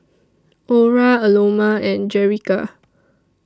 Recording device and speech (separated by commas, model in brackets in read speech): standing microphone (AKG C214), read sentence